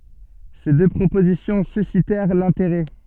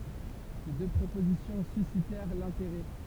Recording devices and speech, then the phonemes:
soft in-ear microphone, temple vibration pickup, read sentence
se dø pʁopozisjɔ̃ sysitɛʁ lɛ̃teʁɛ

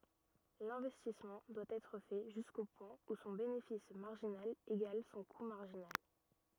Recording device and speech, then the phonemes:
rigid in-ear microphone, read sentence
lɛ̃vɛstismɑ̃ dwa ɛtʁ fɛ ʒysko pwɛ̃ u sɔ̃ benefis maʁʒinal eɡal sɔ̃ ku maʁʒinal

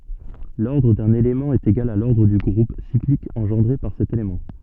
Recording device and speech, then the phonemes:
soft in-ear microphone, read sentence
lɔʁdʁ dœ̃n elemɑ̃ ɛt eɡal a lɔʁdʁ dy ɡʁup siklik ɑ̃ʒɑ̃dʁe paʁ sɛt elemɑ̃

